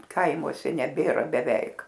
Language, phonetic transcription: Lithuanian, ˈkaimuose neˈbėra beˈveik

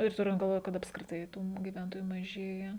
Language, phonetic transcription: Lithuanian, ir ˈturint galˈvoj kad apskriˈtai tų giˈventojų maˈžėja

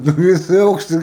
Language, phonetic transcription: Lithuanian, ˈnu ˈvisi ˈaukštɨi

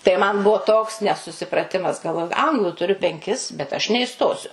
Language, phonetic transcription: Lithuanian, tai man ˈbuo toks nesusipraˈtimas galˈvoju ˈanglu tuˈriu penˈkis bet aš neiˈstosiu

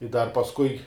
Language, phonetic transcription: Lithuanian, i dar pasˈkui

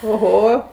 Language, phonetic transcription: Lithuanian, oˈho

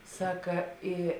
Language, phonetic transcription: Lithuanian, ˈsaka ˈy

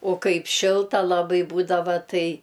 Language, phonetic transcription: Lithuanian, o ˈkaip ˈšilta laˈbai ˈbūdava ˈtai

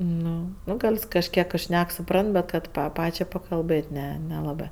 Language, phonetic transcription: Lithuanian, ˈnu ˈnu ˈgal's kažˈkiek ˈšnek suˈprant bet ˈkad pa ˈpačiai pakalˈbɘt' ˈne neˈlabɜ

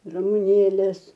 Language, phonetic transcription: Lithuanian, ramuˈnėlės

